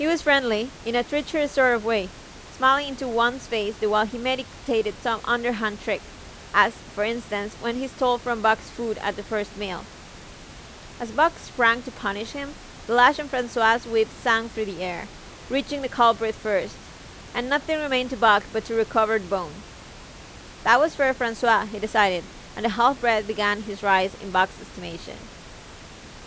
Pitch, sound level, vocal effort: 230 Hz, 89 dB SPL, loud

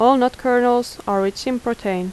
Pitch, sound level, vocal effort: 245 Hz, 83 dB SPL, normal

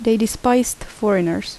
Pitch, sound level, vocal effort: 225 Hz, 78 dB SPL, soft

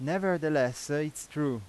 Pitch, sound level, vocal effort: 150 Hz, 91 dB SPL, loud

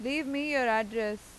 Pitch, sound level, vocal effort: 240 Hz, 92 dB SPL, loud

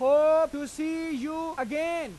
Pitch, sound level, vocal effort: 310 Hz, 102 dB SPL, very loud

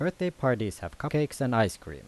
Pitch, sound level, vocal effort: 135 Hz, 85 dB SPL, normal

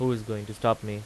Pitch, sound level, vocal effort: 110 Hz, 86 dB SPL, normal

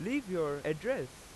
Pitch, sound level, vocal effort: 160 Hz, 92 dB SPL, very loud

